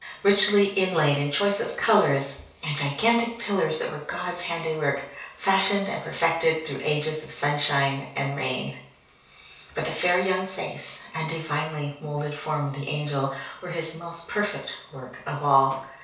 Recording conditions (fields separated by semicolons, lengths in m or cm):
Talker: one person; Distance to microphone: 3.0 m; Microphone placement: far; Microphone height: 1.8 m; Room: small (3.7 m by 2.7 m); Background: none